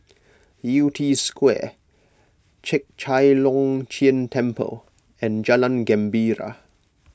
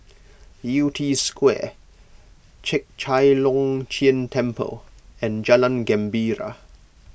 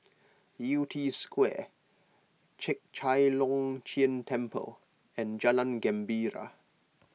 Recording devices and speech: close-talking microphone (WH20), boundary microphone (BM630), mobile phone (iPhone 6), read sentence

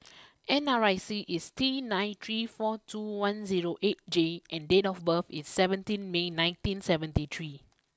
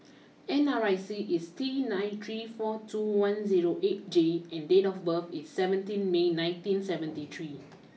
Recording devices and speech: close-talking microphone (WH20), mobile phone (iPhone 6), read sentence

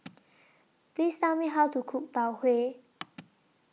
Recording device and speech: mobile phone (iPhone 6), read sentence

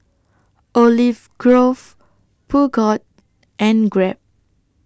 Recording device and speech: standing microphone (AKG C214), read sentence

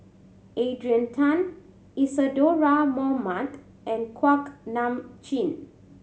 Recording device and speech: mobile phone (Samsung C7100), read sentence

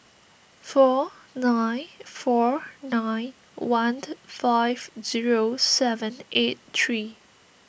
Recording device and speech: boundary microphone (BM630), read sentence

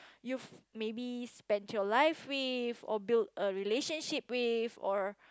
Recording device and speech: close-talking microphone, conversation in the same room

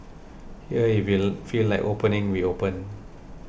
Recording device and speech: boundary microphone (BM630), read sentence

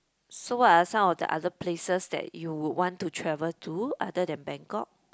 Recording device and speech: close-talking microphone, conversation in the same room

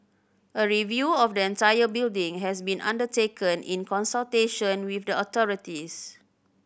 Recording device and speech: boundary microphone (BM630), read sentence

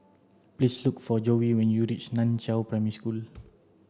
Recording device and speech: standing microphone (AKG C214), read sentence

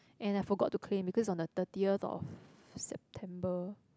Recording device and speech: close-talking microphone, conversation in the same room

